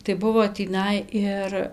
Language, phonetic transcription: Lithuanian, tai ˈbuvo tįˈnai ir

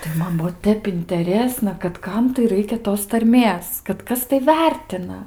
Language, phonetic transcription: Lithuanian, tai ˈman ˈbuo ˈtep inteˈrėsna kad ˈkam tai ˈraikia ˈtos tarˈmės kad ˈkas tai ˈvertina

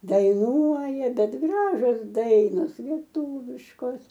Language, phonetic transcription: Lithuanian, daiˈnuoja ˈbet ˈgražios ˈdainos lieˈtūviškos

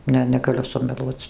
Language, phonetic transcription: Lithuanian, ˈne negaˈliu sumeˈluoc

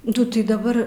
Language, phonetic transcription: Lithuanian, ˈdu ˈtai daˈbar

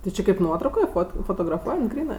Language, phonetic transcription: Lithuanian, ti ˈči kaip ˈnuotraukoj ˈfot fotograˈfuojant ˈgrynɜ

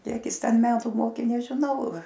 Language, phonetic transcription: Lithuanian, ˈkiek ˈjis ˈten ˈmetu ˈmokė nežiˈnau

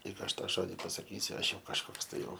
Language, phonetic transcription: Lithuanian, ˈlyg ˈaš ˈtą ˈžodi pasaˈkysiu ˈaš ˈjau kažˈkoks ˈtai ˈjau

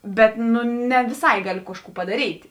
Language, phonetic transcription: Lithuanian, ˈbet ˈnu ne viˈsai ˈgaliu ˈkažˌkų padaˈryt'

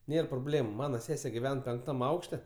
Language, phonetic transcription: Lithuanian, ˈnėr proˈblėmu ˈmana ˈsese giˈven penkˈtam ˈaukšte

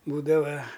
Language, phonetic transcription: Lithuanian, ˈbūdava

